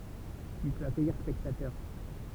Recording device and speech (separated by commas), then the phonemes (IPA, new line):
temple vibration pickup, read sentence
il pøt akœjiʁ spɛktatœʁ